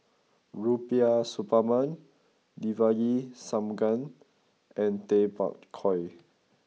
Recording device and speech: mobile phone (iPhone 6), read sentence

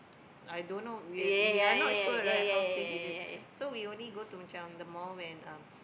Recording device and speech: boundary microphone, conversation in the same room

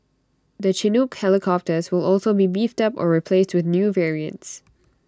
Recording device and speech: standing microphone (AKG C214), read sentence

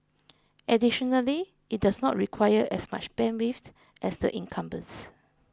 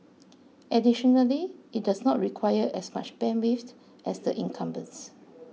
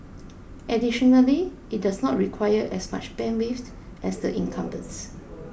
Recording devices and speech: close-talking microphone (WH20), mobile phone (iPhone 6), boundary microphone (BM630), read sentence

